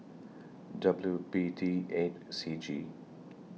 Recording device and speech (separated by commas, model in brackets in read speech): mobile phone (iPhone 6), read sentence